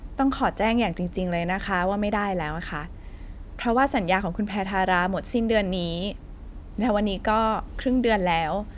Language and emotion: Thai, neutral